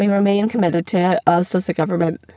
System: VC, spectral filtering